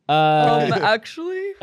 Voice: deep voice